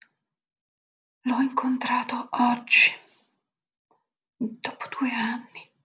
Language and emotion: Italian, sad